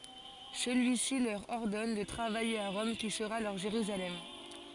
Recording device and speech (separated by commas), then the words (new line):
forehead accelerometer, read sentence
Celui-ci leur ordonne de travailler à Rome qui sera leur Jérusalem.